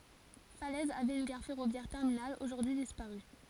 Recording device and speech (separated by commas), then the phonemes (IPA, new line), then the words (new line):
forehead accelerometer, read sentence
falɛz avɛt yn ɡaʁ fɛʁovjɛʁ tɛʁminal oʒuʁdyi dispaʁy
Falaise avait une gare ferroviaire terminale, aujourd'hui disparue.